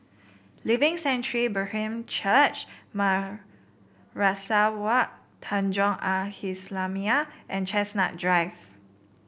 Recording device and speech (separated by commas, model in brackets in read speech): boundary microphone (BM630), read sentence